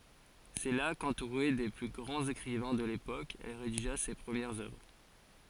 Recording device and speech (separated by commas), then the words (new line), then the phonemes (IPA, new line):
forehead accelerometer, read sentence
C’est là, qu’entourée des plus grands écrivains de l’époque, elle rédigea ses premières œuvres.
sɛ la kɑ̃tuʁe de ply ɡʁɑ̃z ekʁivɛ̃ də lepok ɛl ʁediʒa se pʁəmjɛʁz œvʁ